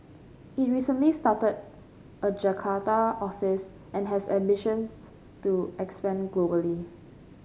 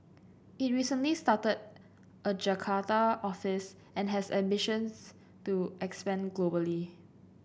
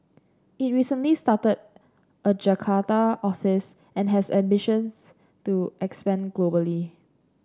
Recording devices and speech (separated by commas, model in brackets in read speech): mobile phone (Samsung C5), boundary microphone (BM630), standing microphone (AKG C214), read sentence